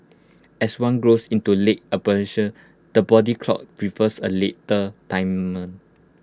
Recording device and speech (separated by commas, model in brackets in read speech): close-talking microphone (WH20), read sentence